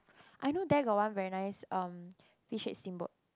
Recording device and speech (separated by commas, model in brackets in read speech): close-talking microphone, conversation in the same room